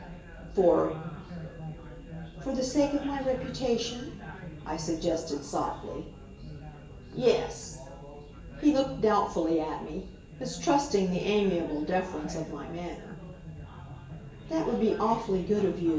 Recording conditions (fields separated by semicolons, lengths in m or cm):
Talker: one person; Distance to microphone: 1.8 m; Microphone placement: close; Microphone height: 1.0 m; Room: large; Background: babble